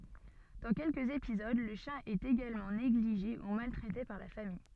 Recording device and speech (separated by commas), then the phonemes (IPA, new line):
soft in-ear microphone, read sentence
dɑ̃ kɛlkəz epizod lə ʃjɛ̃ ɛt eɡalmɑ̃ neɡliʒe u maltʁɛte paʁ la famij